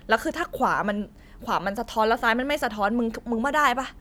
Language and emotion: Thai, frustrated